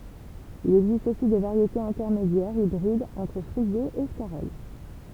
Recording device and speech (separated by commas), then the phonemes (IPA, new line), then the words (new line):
temple vibration pickup, read sentence
il ɛɡzist osi de vaʁjetez ɛ̃tɛʁmedjɛʁz ibʁidz ɑ̃tʁ fʁize e skaʁɔl
Il existe aussi des variétés intermédiaires, hybrides entre frisée et scarole.